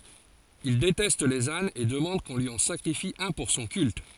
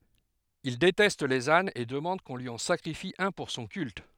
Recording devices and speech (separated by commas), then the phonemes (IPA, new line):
forehead accelerometer, headset microphone, read sentence
il detɛst lez anz e dəmɑ̃d kɔ̃ lyi ɑ̃ sakʁifi œ̃ puʁ sɔ̃ kylt